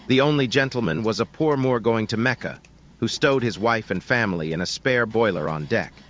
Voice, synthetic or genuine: synthetic